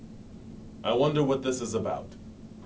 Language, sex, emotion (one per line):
English
male
neutral